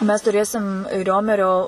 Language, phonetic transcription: Lithuanian, mes tuˈrėsim ˈriomerio

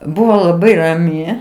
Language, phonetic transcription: Lithuanian, ˈbuvo laˈbai raˈmi

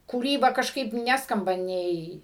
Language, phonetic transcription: Lithuanian, kūˈryba kažˈkaip ˈneskamba ˈnei

